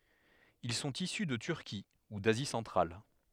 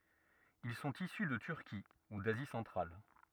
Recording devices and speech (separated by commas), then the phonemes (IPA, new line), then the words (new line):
headset microphone, rigid in-ear microphone, read sentence
il sɔ̃t isy də tyʁki u dazi sɑ̃tʁal
Ils sont issus de Turquie ou d’Asie centrale.